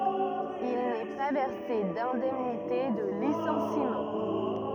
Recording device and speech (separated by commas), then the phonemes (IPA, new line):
rigid in-ear microphone, read sentence
il nɛ pa vɛʁse dɛ̃dɛmnite də lisɑ̃simɑ̃